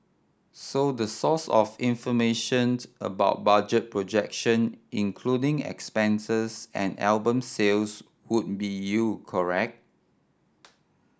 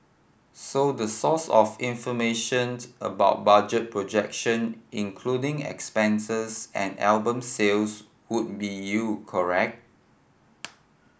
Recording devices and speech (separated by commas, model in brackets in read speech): standing microphone (AKG C214), boundary microphone (BM630), read sentence